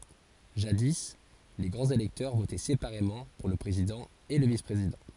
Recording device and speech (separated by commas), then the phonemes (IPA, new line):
forehead accelerometer, read sentence
ʒadi le ɡʁɑ̃z elɛktœʁ votɛ sepaʁemɑ̃ puʁ lə pʁezidɑ̃ e lə vispʁezidɑ̃